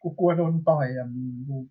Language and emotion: Thai, frustrated